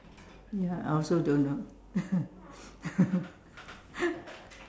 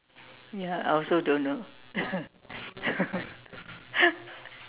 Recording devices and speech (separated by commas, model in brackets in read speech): standing microphone, telephone, conversation in separate rooms